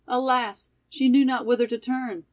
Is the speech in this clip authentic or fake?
authentic